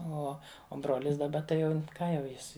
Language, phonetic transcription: Lithuanian, ˈo o ˈbrolis daˈba tai ˈjau ˈką jau ˈjis

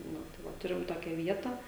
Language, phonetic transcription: Lithuanian, ˈnu tai ˈva ˈturim ˈtokia vieta

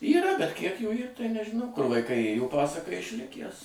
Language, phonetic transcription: Lithuanian, yˈra bet kiek jų ˈyr tai nežiˈnau kur vaiˈkai ˈėjo ˈpasaka išˈlikæs

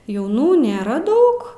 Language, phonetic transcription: Lithuanian, jauˈnų nėˈra ˈdaug

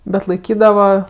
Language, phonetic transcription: Lithuanian, ˈbet laiˈkydava

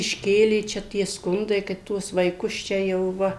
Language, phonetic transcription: Lithuanian, išˈkėlė ˈčia tie ˈskundai kad ˈtuos vaiˈkus ˈčia jau ˈva

